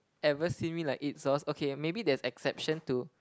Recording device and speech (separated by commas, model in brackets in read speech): close-talking microphone, conversation in the same room